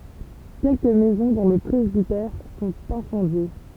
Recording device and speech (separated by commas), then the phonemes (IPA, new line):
temple vibration pickup, read sentence
kɛlkə mɛzɔ̃ dɔ̃ lə pʁɛzbitɛʁ sɔ̃t ɛ̃sɑ̃dje